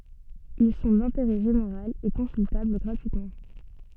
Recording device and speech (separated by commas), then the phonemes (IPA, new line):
soft in-ear microphone, read sentence
il sɔ̃ dɛ̃teʁɛ ʒeneʁal e kɔ̃syltabl ɡʁatyitmɑ̃